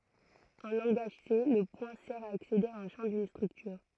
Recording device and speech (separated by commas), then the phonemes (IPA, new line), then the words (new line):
throat microphone, read sentence
ɑ̃ lɑ̃ɡaʒ se lə pwɛ̃ sɛʁ a aksede a œ̃ ʃɑ̃ dyn stʁyktyʁ
En langage C, le point sert à accéder à un champ d'une structure.